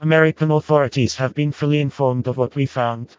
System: TTS, vocoder